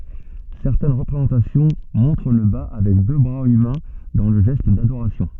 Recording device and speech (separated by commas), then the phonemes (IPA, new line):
soft in-ear microphone, read sentence
sɛʁtɛn ʁəpʁezɑ̃tasjɔ̃ mɔ̃tʁ lə ba avɛk dø bʁaz ymɛ̃ dɑ̃ lə ʒɛst dadoʁasjɔ̃